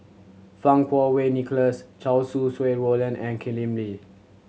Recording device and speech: mobile phone (Samsung C7100), read sentence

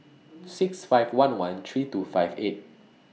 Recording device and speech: mobile phone (iPhone 6), read sentence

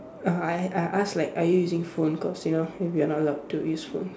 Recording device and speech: standing microphone, conversation in separate rooms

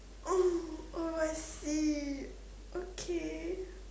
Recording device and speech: standing microphone, conversation in separate rooms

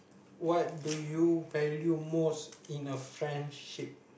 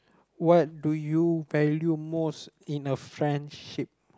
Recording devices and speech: boundary microphone, close-talking microphone, conversation in the same room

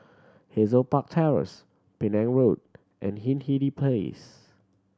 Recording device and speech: standing microphone (AKG C214), read sentence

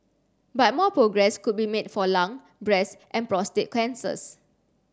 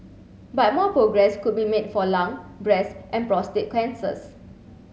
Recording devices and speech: standing microphone (AKG C214), mobile phone (Samsung C7), read sentence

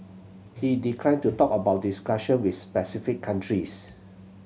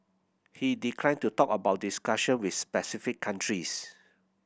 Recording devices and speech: mobile phone (Samsung C7100), boundary microphone (BM630), read sentence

